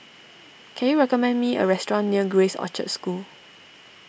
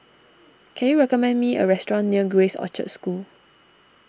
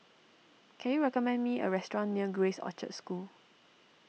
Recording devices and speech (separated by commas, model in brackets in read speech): boundary microphone (BM630), standing microphone (AKG C214), mobile phone (iPhone 6), read sentence